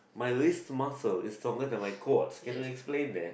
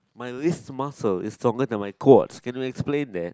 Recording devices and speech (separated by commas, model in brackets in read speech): boundary microphone, close-talking microphone, conversation in the same room